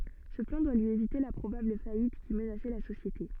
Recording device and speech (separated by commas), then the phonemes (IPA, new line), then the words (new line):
soft in-ear microphone, read sentence
sə plɑ̃ dwa lyi evite la pʁobabl fajit ki mənasɛ la sosjete
Ce plan doit lui éviter la probable faillite qui menaçait la société.